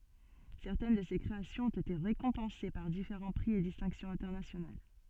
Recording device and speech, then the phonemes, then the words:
soft in-ear microphone, read sentence
sɛʁtɛn də se kʁeasjɔ̃z ɔ̃t ete ʁekɔ̃pɑ̃se paʁ difeʁɑ̃ pʁi e distɛ̃ksjɔ̃z ɛ̃tɛʁnasjonal
Certaines de ces créations ont été récompensées par différents prix et distinctions internationales.

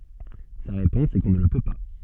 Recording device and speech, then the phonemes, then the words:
soft in-ear microphone, read sentence
sa ʁepɔ̃s ɛ kɔ̃ nə lə pø pa
Sa réponse est qu'on ne le peut pas.

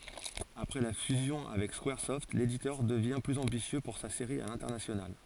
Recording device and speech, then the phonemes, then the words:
forehead accelerometer, read sentence
apʁɛ la fyzjɔ̃ avɛk skwaʁsɔft leditœʁ dəvjɛ̃ plyz ɑ̃bisjø puʁ sa seʁi a lɛ̃tɛʁnasjonal
Après la fusion avec Squaresoft, l'éditeur devient plus ambitieux pour sa série à l'international.

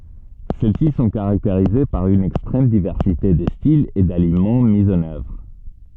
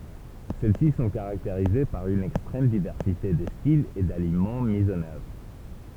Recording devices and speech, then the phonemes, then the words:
soft in-ear microphone, temple vibration pickup, read sentence
sɛl si sɔ̃ kaʁakteʁize paʁ yn ɛkstʁɛm divɛʁsite də stilz e dalimɑ̃ mi ɑ̃n œvʁ
Celles-ci sont caractérisées par une extrême diversité de styles et d'aliments mis en œuvre.

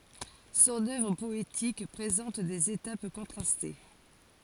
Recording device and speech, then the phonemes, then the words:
forehead accelerometer, read sentence
sɔ̃n œvʁ pɔetik pʁezɑ̃t dez etap kɔ̃tʁaste
Son œuvre poétique présente des étapes contrastées.

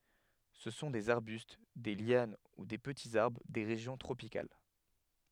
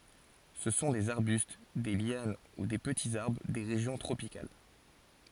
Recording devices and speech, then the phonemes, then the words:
headset microphone, forehead accelerometer, read sentence
sə sɔ̃ dez aʁbyst de ljan u de pətiz aʁbʁ de ʁeʒjɔ̃ tʁopikal
Ce sont des arbustes, des lianes ou des petits arbres des régions tropicales.

